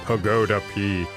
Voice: low announcer voice